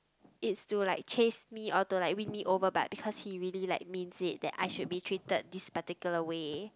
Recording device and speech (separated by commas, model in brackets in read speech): close-talking microphone, conversation in the same room